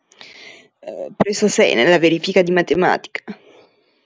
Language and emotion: Italian, disgusted